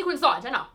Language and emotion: Thai, angry